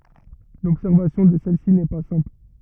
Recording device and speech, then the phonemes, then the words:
rigid in-ear microphone, read sentence
lɔbsɛʁvasjɔ̃ də sɛl si nɛ pa sɛ̃pl
L'observation de celle-ci n'est pas simple.

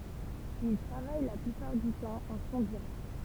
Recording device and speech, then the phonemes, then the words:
temple vibration pickup, read sentence
il tʁavaj la plypaʁ dy tɑ̃ ɑ̃ sɔ̃ diʁɛkt
Il travaille la plupart du temps en son direct.

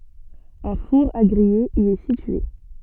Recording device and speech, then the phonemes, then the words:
soft in-ear microphone, read sentence
œ̃ fuʁ a ɡʁije i ɛ sitye
Un four à griller y est situé.

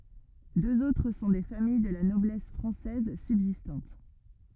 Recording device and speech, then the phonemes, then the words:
rigid in-ear microphone, read sentence
døz otʁ sɔ̃ de famij də la nɔblɛs fʁɑ̃sɛz sybzistɑ̃t
Deux autres sont des familles de la noblesse française subsistantes.

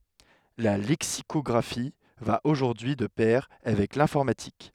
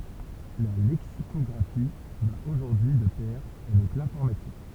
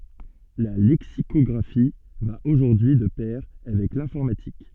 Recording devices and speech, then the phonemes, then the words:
headset microphone, temple vibration pickup, soft in-ear microphone, read sentence
la lɛksikɔɡʁafi va oʒuʁdyi y də pɛʁ avɛk lɛ̃fɔʁmatik
La lexicographie va aujourd'hui de pair avec l'informatique.

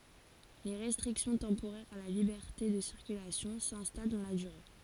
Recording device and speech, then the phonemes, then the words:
forehead accelerometer, read sentence
le ʁɛstʁiksjɔ̃ tɑ̃poʁɛʁz a la libɛʁte də siʁkylasjɔ̃ sɛ̃stal dɑ̃ la dyʁe
Les restrictions temporaires à la liberté de circulation s'installent dans la durée.

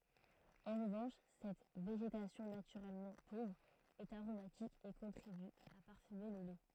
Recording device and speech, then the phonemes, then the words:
throat microphone, read sentence
ɑ̃ ʁəvɑ̃ʃ sɛt veʒetasjɔ̃ natyʁɛlmɑ̃ povʁ ɛt aʁomatik e kɔ̃tʁiby a paʁfyme lə lɛ
En revanche, cette végétation naturellement pauvre est aromatique et contribue à parfumer le lait.

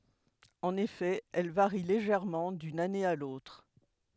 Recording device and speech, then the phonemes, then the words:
headset microphone, read sentence
ɑ̃n efɛ ɛl vaʁi leʒɛʁmɑ̃ dyn ane a lotʁ
En effet, elles varient légèrement d'une année à l'autre.

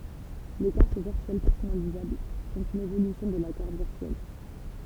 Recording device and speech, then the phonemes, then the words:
temple vibration pickup, read sentence
le kaʁt viʁtyɛl pɛʁsɔnalizabl sɔ̃t yn evolysjɔ̃ də la kaʁt viʁtyɛl
Les cartes virtuelles personnalisables sont une évolution de la carte virtuelle.

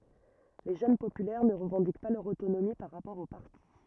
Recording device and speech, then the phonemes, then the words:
rigid in-ear microphone, read sentence
le ʒøn popylɛʁ nə ʁəvɑ̃dik pa lœʁ otonomi paʁ ʁapɔʁ o paʁti
Les Jeunes Populaires ne revendiquent pas leur autonomie par rapport au parti.

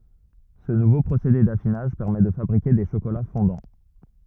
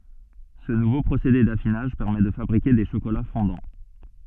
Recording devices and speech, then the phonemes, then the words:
rigid in-ear microphone, soft in-ear microphone, read sentence
sə nuvo pʁosede dafinaʒ pɛʁmɛ də fabʁike de ʃokola fɔ̃dɑ̃
Ce nouveau procédé d'affinage permet de fabriquer des chocolats fondants.

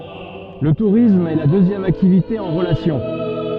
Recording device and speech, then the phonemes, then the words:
soft in-ear microphone, read sentence
lə tuʁism ɛ la døzjɛm aktivite ɑ̃ ʁəlasjɔ̃
Le tourisme est la deuxième activité en relation.

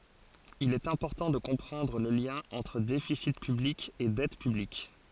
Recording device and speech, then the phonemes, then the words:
forehead accelerometer, read sentence
il ɛt ɛ̃pɔʁtɑ̃ də kɔ̃pʁɑ̃dʁ lə ljɛ̃ ɑ̃tʁ defisi pyblik e dɛt pyblik
Il est important de comprendre le lien entre déficit public et dette publique.

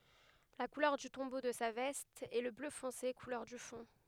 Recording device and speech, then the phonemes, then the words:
headset microphone, read sentence
la kulœʁ dy tɔ̃bo də sa vɛst ɛ lə blø fɔ̃se kulœʁ dy fɔ̃
La couleur du tombeau de sa veste est le bleu foncé, couleur du fond.

